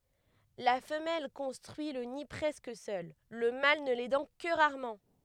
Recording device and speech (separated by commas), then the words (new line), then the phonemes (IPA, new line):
headset microphone, read sentence
La femelle construit le nid presque seule, le mâle ne l'aidant que rarement.
la fəmɛl kɔ̃stʁyi lə ni pʁɛskə sœl lə mal nə lɛdɑ̃ kə ʁaʁmɑ̃